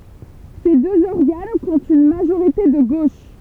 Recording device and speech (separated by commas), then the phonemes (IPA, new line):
temple vibration pickup, read sentence
se døz ɔʁɡan kɔ̃tt yn maʒoʁite də ɡoʃ